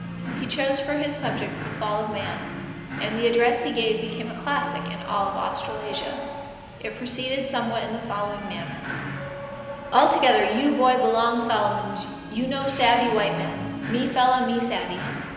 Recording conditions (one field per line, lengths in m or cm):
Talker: one person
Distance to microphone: 1.7 m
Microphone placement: close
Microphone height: 1.0 m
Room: very reverberant, large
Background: television